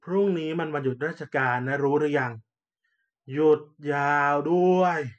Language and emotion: Thai, frustrated